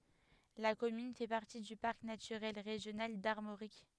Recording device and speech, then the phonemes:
headset microphone, read sentence
la kɔmyn fɛ paʁti dy paʁk natyʁɛl ʁeʒjonal daʁmoʁik

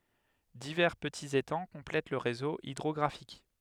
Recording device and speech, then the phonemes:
headset microphone, read sentence
divɛʁ pətiz etɑ̃ kɔ̃plɛt lə ʁezo idʁɔɡʁafik

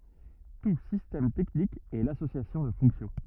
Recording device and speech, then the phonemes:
rigid in-ear microphone, read sentence
tu sistɛm tɛknik ɛ lasosjasjɔ̃ də fɔ̃ksjɔ̃

